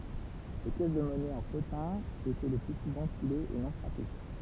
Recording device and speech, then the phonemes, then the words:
temple vibration pickup, read sentence
le pjɛs də mɔnɛ ɑ̃ potɛ̃ etɛ lə ply suvɑ̃ kulez e nɔ̃ fʁape
Les pièces de monnaie en potin étaient le plus souvent coulées et non frappées.

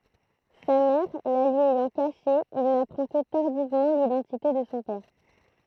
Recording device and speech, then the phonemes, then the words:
throat microphone, read sentence
sa mɛʁ la lyi ɛjɑ̃ kaʃe il napʁɑ̃ kə taʁdivmɑ̃ lidɑ̃tite də sɔ̃ pɛʁ
Sa mère la lui ayant cachée, il n'apprend que tardivement l'identité de son père.

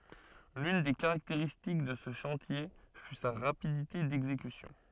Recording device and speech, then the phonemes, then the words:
soft in-ear microphone, read sentence
lyn de kaʁakteʁistik də sə ʃɑ̃tje fy sa ʁapidite dɛɡzekysjɔ̃
L'une des caractéristiques de ce chantier fut sa rapidité d'exécution.

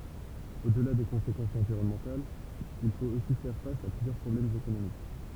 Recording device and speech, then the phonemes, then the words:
temple vibration pickup, read sentence
odla de kɔ̃sekɑ̃sz ɑ̃viʁɔnmɑ̃talz il fot osi fɛʁ fas a plyzjœʁ pʁɔblɛmz ekonomik
Au-delà des conséquences environnementales, il faut aussi faire face à plusieurs problèmes économiques.

